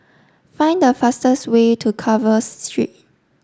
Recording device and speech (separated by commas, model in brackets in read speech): standing microphone (AKG C214), read sentence